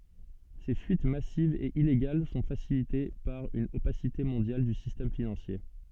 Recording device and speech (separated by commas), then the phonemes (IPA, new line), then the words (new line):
soft in-ear microphone, read sentence
se fyit masivz e ileɡal sɔ̃ fasilite paʁ yn opasite mɔ̃djal dy sistɛm finɑ̃sje
Ces fuites massives et illégales sont facilitées par une opacité mondiale du système financier.